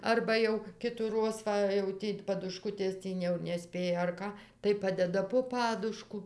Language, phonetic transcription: Lithuanian, ˈarba jau kitųˈroz ˈva jau ˈtį paduˈškutės ˈtį jau neˈspėja ar ˈka tai ˈpadeda po ˈpadušku

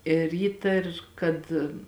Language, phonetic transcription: Lithuanian, ir ˈįtar kad

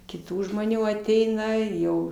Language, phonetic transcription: Lithuanian, kiˈtų žmoˈnių aˈteina i jau

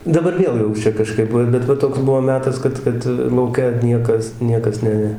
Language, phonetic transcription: Lithuanian, daˈbar ˈviel jau ˈčia kaˈžkaip va bet ˈva ˈtoks ˈbuo ˈmetas ˈkad ˈkad lauˈke ˈniekas ˈniekas ˈne

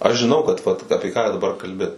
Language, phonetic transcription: Lithuanian, aš žiˈnau kad vat ˈapi ką daˈbar kalˈbi

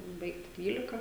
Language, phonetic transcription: Lithuanian, ˈbaigti ˈdvylika

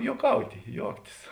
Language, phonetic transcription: Lithuanian, juoˈkauti ˈjuoktis

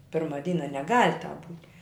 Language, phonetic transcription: Lithuanian, ˈpirma ˈdyna neˈgal' tāp būt'

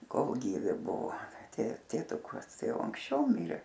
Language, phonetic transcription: Lithuanian, ˈkol ˈgyvi ˈbuvo tė tėˈtukas ˈtai ˈjau anksˈčiau ˈmirė

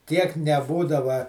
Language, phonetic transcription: Lithuanian, tiek neˈbūdava

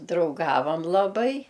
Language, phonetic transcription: Lithuanian, drauˈgavam laˈbai

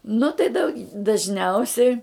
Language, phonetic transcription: Lithuanian, nu tai dau dažˈniausiai

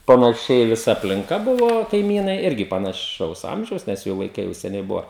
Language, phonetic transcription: Lithuanian, panaˈšiai viˈsa aplinˈka ˈbuvo kaiˈmynai ˈirgi panaˈšaus ˈamžiaus nes ˈjų vaiˈkai jau seˈniai ˈbuva

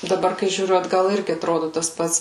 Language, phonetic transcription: Lithuanian, daˈbar kai žiūˈriu atˈgal ˈirgi atˈrodu tas ˈpats

